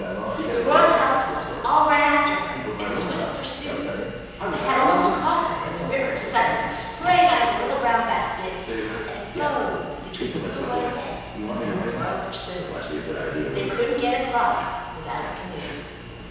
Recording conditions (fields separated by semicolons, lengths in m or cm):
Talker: one person; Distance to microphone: 7.1 m; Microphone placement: far; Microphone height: 1.7 m; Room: very reverberant, large; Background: television